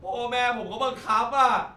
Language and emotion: Thai, sad